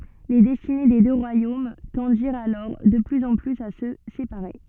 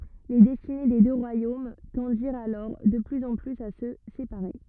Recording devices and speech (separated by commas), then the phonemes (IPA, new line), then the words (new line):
soft in-ear microphone, rigid in-ear microphone, read sentence
le dɛstine de dø ʁwajom tɑ̃diʁt alɔʁ də plyz ɑ̃ plyz a sə sepaʁe
Les destinées des deux royaumes tendirent alors de plus en plus à se séparer.